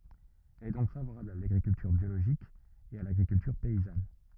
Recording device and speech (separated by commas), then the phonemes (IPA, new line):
rigid in-ear microphone, read sentence
ɛl ɛ dɔ̃k favoʁabl a laɡʁikyltyʁ bjoloʒik e a laɡʁikyltyʁ pɛizan